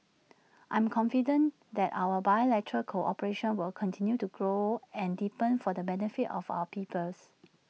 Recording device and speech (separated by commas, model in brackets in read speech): mobile phone (iPhone 6), read sentence